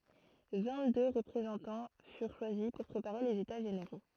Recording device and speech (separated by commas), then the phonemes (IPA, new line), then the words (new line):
throat microphone, read sentence
vɛ̃ɡtdø ʁəpʁezɑ̃tɑ̃ fyʁ ʃwazi puʁ pʁepaʁe lez eta ʒeneʁo
Vingt-deux représentants furent choisis pour préparer les États généraux.